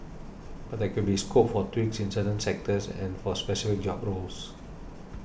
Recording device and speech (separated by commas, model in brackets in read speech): boundary microphone (BM630), read sentence